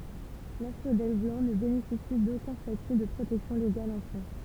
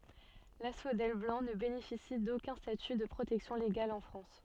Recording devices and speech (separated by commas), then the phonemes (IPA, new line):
temple vibration pickup, soft in-ear microphone, read sentence
lasfodɛl blɑ̃ nə benefisi dokœ̃ staty də pʁotɛksjɔ̃ leɡal ɑ̃ fʁɑ̃s